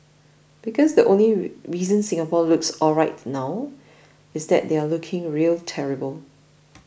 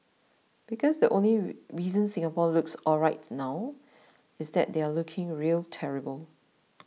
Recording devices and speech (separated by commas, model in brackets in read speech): boundary microphone (BM630), mobile phone (iPhone 6), read sentence